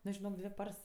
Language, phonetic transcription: Lithuanian, ˈnu žiˈnok ˈdvi ˈpars

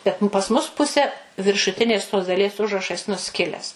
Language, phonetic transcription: Lithuanian, ˈbet pas mus ˈpuse viršuˈtinės tos daˈlies ˈužrašas nuˈskiles

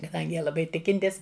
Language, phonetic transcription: Lithuanian, kaˈdangi ˈjie laˈbai ˈtikintis

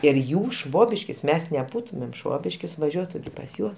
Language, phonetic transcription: Lithuanian, ir ˈjų ˈšvobiškis ˈmes neˈbūtumėm ˈšvobiškis vaˈžiuotu pas ˈjuos

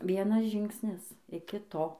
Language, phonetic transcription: Lithuanian, ˈvienas ˈžingsnis iki ˈto

